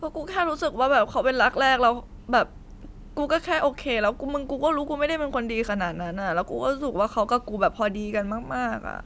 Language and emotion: Thai, sad